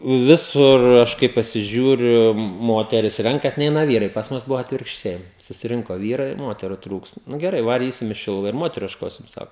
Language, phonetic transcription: Lithuanian, ˈvisur ˈaš kai pasiˈžiūriu ˈmoteris ˈrenkas ˈneina ˈvyrai pas ˈmus ˈbuvo atvirkšˈčiai susiˈrinko ˈvyrai ˈmuoteru ˈtrūkst ˈnu geˈrai vaˈrysim i ˈšiluva ir ˈmoteru iešˈkosim ˈsako

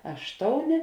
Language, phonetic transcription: Lithuanian, ˈaštouˌnė

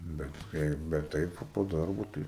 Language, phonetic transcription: Lithuanian, bet ˈkai bet ˈtaip va po ˈdarbo ˈtai

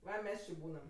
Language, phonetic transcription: Lithuanian, ˈva ˈmes či ˈbūnam

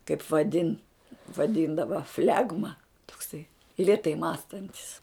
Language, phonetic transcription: Lithuanian, kaip vaˈdin vaˈdindava ˈflegma tokˈsai lėˈtai ˈmąstantis

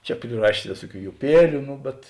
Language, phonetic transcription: Lithuanian, ˈčia priˈrašės ˈvėsuoˌkių juˈpieliu ˈnu bet

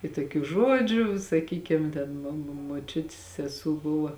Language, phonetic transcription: Lithuanian, i toˈkių ˈžuodžiu saˈkykim ˈten mo mo moˈčiutis seˈsū ˈbuva

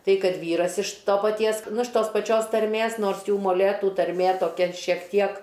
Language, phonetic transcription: Lithuanian, ˈtai ˈkad ˈvyras iš ˈto paˈties ˈnu iš ˈtos paˈčios tarˈmės ˈnors ˈjų moˈlėtų tarˈmė toˈki šiek ˈtiek

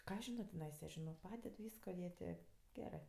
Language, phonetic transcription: Lithuanian, ˈką aš ˈžino tiˈnaisa ˈžinok ˈpaded ˈvysko jie ˈtė ˈgerɜ

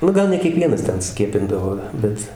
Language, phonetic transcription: Lithuanian, ˈnu ˈgal ne kieˈkvienas ˈten ˈskiepindavo ˈbet

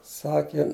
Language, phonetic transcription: Lithuanian, ˈsakė

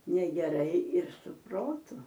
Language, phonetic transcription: Lithuanian, negeˈrai ir su ˈprotu

